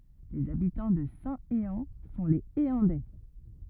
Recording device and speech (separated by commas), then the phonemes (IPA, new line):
rigid in-ear microphone, read sentence
lez abitɑ̃ də sɛ̃teɑ̃ sɔ̃ lez eɑ̃dɛ